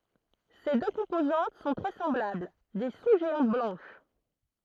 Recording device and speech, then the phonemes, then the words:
throat microphone, read sentence
se dø kɔ̃pozɑ̃t sɔ̃ tʁɛ sɑ̃blabl de su ʒeɑ̃t blɑ̃ʃ
Ses deux composantes sont très semblables, des sous-géantes blanches.

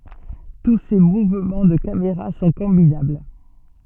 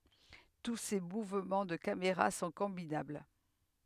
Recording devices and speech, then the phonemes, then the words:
soft in-ear microphone, headset microphone, read sentence
tu se muvmɑ̃ də kameʁa sɔ̃ kɔ̃binabl
Tous ces mouvements de caméra sont combinables.

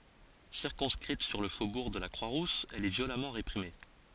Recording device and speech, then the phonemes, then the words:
forehead accelerometer, read sentence
siʁkɔ̃skʁit syʁ lə fobuʁ də la kʁwa ʁus ɛl ɛ vjolamɑ̃ ʁepʁime
Circonscrite sur le faubourg de la Croix-Rousse, elle est violemment réprimée.

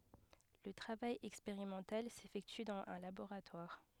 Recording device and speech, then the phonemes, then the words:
headset microphone, read sentence
lə tʁavaj ɛkspeʁimɑ̃tal sefɛkty dɑ̃z œ̃ laboʁatwaʁ
Le travail expérimental s'effectue dans un laboratoire.

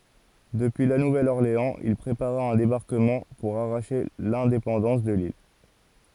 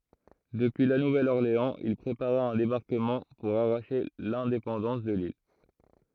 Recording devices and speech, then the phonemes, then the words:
forehead accelerometer, throat microphone, read sentence
dəpyi la nuvɛl ɔʁleɑ̃z il pʁepaʁa œ̃ debaʁkəmɑ̃ puʁ aʁaʃe lɛ̃depɑ̃dɑ̃s də lil
Depuis La Nouvelle-Orléans, il prépara un débarquement pour arracher l'indépendance de l'île.

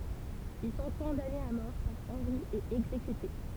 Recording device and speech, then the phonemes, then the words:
temple vibration pickup, read sentence
il sɔ̃ kɔ̃danez a mɔʁ paʁ ɑ̃ʁi e ɛɡzekyte
Ils sont condamnés à mort par Henri et exécutés.

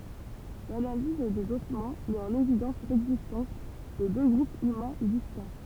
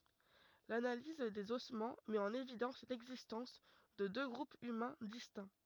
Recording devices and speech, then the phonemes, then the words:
temple vibration pickup, rigid in-ear microphone, read sentence
lanaliz dez ɔsmɑ̃ mɛt ɑ̃n evidɑ̃s lɛɡzistɑ̃s də dø ɡʁupz ymɛ̃ distɛ̃
L'analyse des ossements met en évidence l'existence de deux groupes humains distincts.

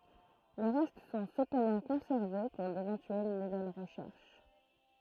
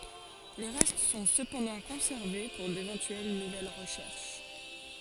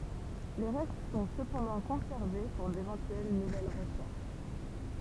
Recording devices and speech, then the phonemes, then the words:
throat microphone, forehead accelerometer, temple vibration pickup, read sentence
le ʁɛst sɔ̃ səpɑ̃dɑ̃ kɔ̃sɛʁve puʁ devɑ̃tyɛl nuvɛl ʁəʃɛʁʃ
Les restes sont cependant conservés pour d'éventuelles nouvelles recherches.

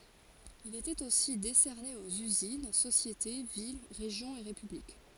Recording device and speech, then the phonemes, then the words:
forehead accelerometer, read sentence
il etɛt osi desɛʁne oz yzin sosjete vil ʁeʒjɔ̃z e ʁepyblik
Il était aussi décerné aux usines, sociétés, villes, régions et républiques.

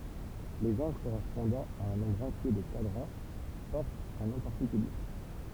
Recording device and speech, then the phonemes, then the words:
temple vibration pickup, read sentence
lez ɑ̃ɡl koʁɛspɔ̃dɑ̃ a œ̃ nɔ̃bʁ ɑ̃tje də kwadʁɑ̃ pɔʁtt œ̃ nɔ̃ paʁtikylje
Les angles correspondant à un nombre entier de quadrants portent un nom particulier.

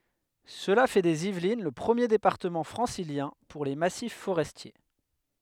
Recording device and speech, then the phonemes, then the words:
headset microphone, read sentence
səla fɛ dez ivlin lə pʁəmje depaʁtəmɑ̃ fʁɑ̃siljɛ̃ puʁ le masif foʁɛstje
Cela fait des Yvelines le premier département francilien pour les massifs forestiers.

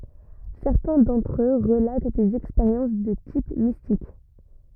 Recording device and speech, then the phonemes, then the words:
rigid in-ear microphone, read sentence
sɛʁtɛ̃ dɑ̃tʁ ø ʁəlat dez ɛkspeʁjɑ̃s də tip mistik
Certains d'entre eux relatent des expériences de type mystique.

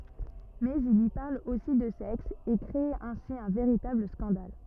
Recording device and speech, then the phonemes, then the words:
rigid in-ear microphone, read sentence
mɛz il i paʁl osi də sɛks e kʁe ɛ̃si œ̃ veʁitabl skɑ̃dal
Mais il y parle aussi de sexe, et crée ainsi un véritable scandale.

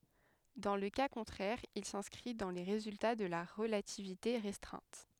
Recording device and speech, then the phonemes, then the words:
headset microphone, read sentence
dɑ̃ lə ka kɔ̃tʁɛʁ il sɛ̃skʁi dɑ̃ le ʁezylta də la ʁəlativite ʁɛstʁɛ̃t
Dans le cas contraire il s'inscrit dans les résultats de la relativité restreinte.

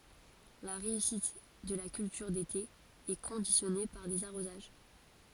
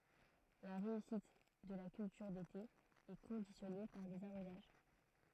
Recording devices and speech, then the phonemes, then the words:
forehead accelerometer, throat microphone, read sentence
la ʁeysit də la kyltyʁ dete ɛ kɔ̃disjɔne paʁ dez aʁozaʒ
La réussite de la culture d'été est conditionnée par des arrosages.

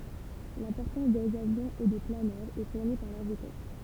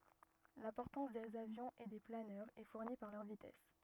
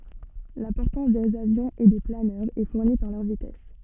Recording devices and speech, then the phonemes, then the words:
temple vibration pickup, rigid in-ear microphone, soft in-ear microphone, read sentence
la pɔʁtɑ̃s dez avjɔ̃z e de planœʁz ɛ fuʁni paʁ lœʁ vitɛs
La portance des avions et des planeurs est fournie par leur vitesse.

